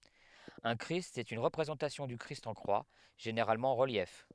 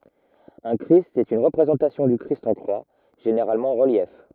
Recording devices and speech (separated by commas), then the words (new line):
headset microphone, rigid in-ear microphone, read sentence
Un christ est une représentation du Christ en croix, généralement en relief.